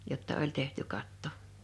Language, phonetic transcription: Finnish, jotta "oĺ 'tehty 'katto .
- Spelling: jotta oli tehty katto

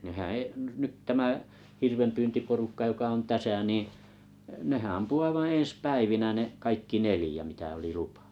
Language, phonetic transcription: Finnish, nehää̰ 'e’- 'nyt 'tämä , 'hirvempyyntiporukka 'joka on "täsä̀ 'niiḭ , 'nehää̰ ampuu 'aivaaa̰ 'ḛes "päivinä ne’ , 'kaikki "nelⁱjä mitä oli "lupa .
- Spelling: nehän - nyt tämä hirvenpyyntiporukka joka on tässä niin nehän ampui aivan ensi päivinä ne kaikki neljä mitä oli lupa

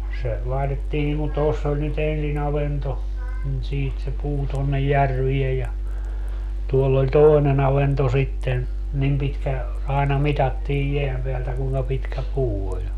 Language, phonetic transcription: Finnish, se , 'laitettii niŋ kun 'toss ‿oĺ ny't ‿ensi'n ‿avento , nin 'siit se 'puu tonnej "järviej ja , 'tuoll ‿oĺ "tòi̮ne'n ‿avento sitten , 'nim pitkä , aena "mitattiij 'jeäm peältä 'kuuŋka 'pitkä "puu oĺ .
- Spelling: se laitettiin niin kuin tuossa oli nyt ensin avanto niin siitä se puu tuonne järveen ja tuolla oli toinen avanto sitten niin pitkä aina mitattiin jään päältä kuinka pitkä puu oli

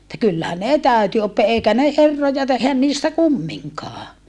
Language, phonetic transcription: Finnish, [et]tä kyllä ne täyty oppia eikä ne herroja teh̆hän niistä kummiŋkaa .
- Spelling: että kyllä ne täytyi oppia eikä ne herroja tehdä niistä kumminkaan

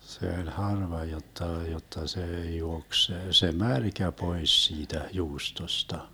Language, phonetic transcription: Finnish, se 'oĺ "harva 'jotta , 'jotta 'see 'juoks se , se "märkä 'pois siitä 'juustosta .
- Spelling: se oli harva jotta jotta se juoksi se se märkä pois siitä juustosta

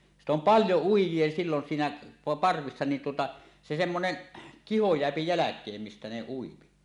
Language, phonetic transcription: Finnish, sit ‿om "paljo 'uij̆jie sillon siinä , "parvissa̳ nin tuota , se 'semmonen , "kiho jeäpi 'jäläk̀eem mistä ne uipi .
- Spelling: sitten on paljon uijia silloin siinä parvessa niin tuota se semmoinen kiho jää jälkeen mistä ne ui

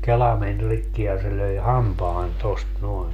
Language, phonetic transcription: Finnish, 'kela men 'rikki ja se löi "hampaan tost 'noen .
- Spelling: kela meni rikki ja se löi hampaan tuosta noin

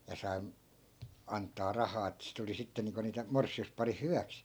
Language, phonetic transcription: Finnish, ja sai , 'ant̆taa 'rahaa että 'sit ‿oli 'sitte niiŋko niitä 'mors̆si₍usparih "hyväks .
- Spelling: ja sai antaa rahaa että sitten oli sitten niin kuin niitä morsiusparin hyväksi

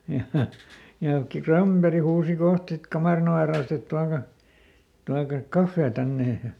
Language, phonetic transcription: Finnish, ja , ja ki- "KramBeri huusi ˈkoht sit ˈkamàrin ‿ove ra₍ost ‿et » ˈtuaka , ˈtuakak "kaffee ˈtännej ja » ,.
- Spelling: ja ja - Granberg huusi kohta sitten kamarin oven raosta että tuokaa tuokaa kahvia tänne ja

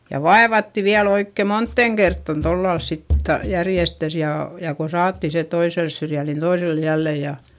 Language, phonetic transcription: Finnish, ja vaevatti viäl ‿oikke montteŋ kerttan tollals sit (tota) , järjestäs jà , ja ko saatti se toisels syrjäl nin toisel jällè ja ,.
- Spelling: ja vaivattiin vielä oikein moneen kertaan tuolla lailla sitten tuota järjestään ja ja kun saatiin se toiselle syrjälle niin toiselle jälleen ja,

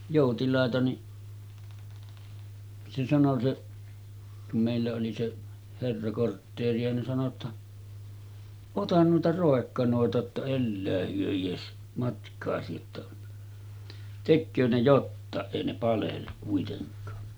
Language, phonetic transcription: Finnish, 'jòutilàeta ni , se sano se , kum mèillä oli 'se’ , 'herra kortteeri₍a nin sano ‿tta , » 'otan nuita 'ròekkanòeta ‿tta 'ellää hyö ies , matkaasi jotta , 'tekköö ne 'jottàeˀ 'ˀèi ne palelluk kuiteŋk̀aa « .
- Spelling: joutilaita niin se sanoi se kun meillä oli se herra kortteeria niin sanoi jotta ota noita roikkanoita jotta elää he edes matkaasi jotta tekee ne jotakin ei ne palellu kuitenkaan

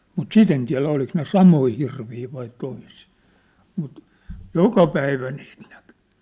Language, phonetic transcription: Finnish, mut "sit ‿en tiä̭lä oliks ne 'samoi hirvii vai toisii , mut , "joka 'päivä niit näkʏ .
- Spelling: mutta sitä en tiedä oliko ne samoja hirviä vai toisia mutta joka päivä niitä näkyi

